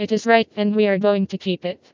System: TTS, vocoder